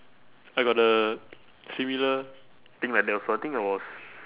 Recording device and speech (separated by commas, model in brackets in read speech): telephone, conversation in separate rooms